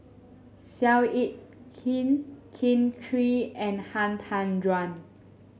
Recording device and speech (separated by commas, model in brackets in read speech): mobile phone (Samsung S8), read sentence